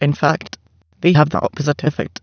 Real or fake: fake